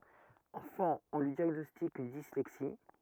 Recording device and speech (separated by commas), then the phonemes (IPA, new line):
rigid in-ear microphone, read sentence
ɑ̃fɑ̃ ɔ̃ lyi djaɡnɔstik yn dislɛksi